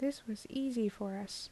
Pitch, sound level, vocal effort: 220 Hz, 75 dB SPL, soft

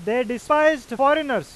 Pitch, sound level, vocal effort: 260 Hz, 100 dB SPL, very loud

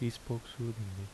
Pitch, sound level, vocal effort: 115 Hz, 72 dB SPL, soft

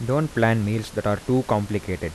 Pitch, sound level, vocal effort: 110 Hz, 83 dB SPL, soft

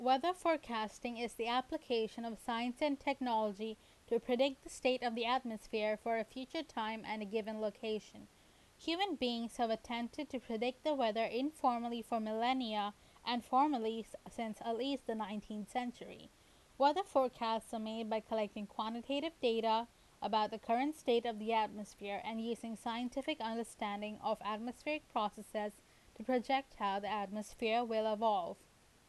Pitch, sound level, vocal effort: 230 Hz, 86 dB SPL, loud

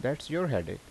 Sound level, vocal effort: 82 dB SPL, normal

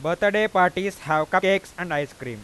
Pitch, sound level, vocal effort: 180 Hz, 98 dB SPL, loud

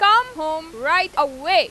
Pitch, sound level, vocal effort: 350 Hz, 101 dB SPL, very loud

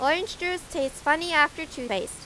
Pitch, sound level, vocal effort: 295 Hz, 93 dB SPL, loud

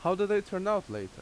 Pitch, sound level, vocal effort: 190 Hz, 89 dB SPL, loud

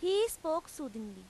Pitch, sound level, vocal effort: 320 Hz, 91 dB SPL, very loud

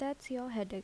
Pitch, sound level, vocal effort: 250 Hz, 75 dB SPL, soft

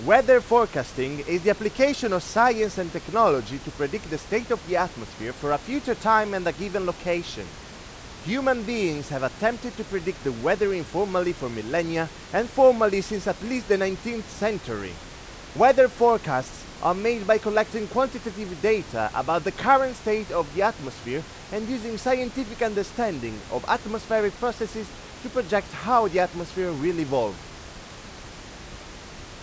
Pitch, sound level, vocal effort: 200 Hz, 98 dB SPL, very loud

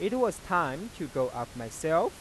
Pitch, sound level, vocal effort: 160 Hz, 94 dB SPL, normal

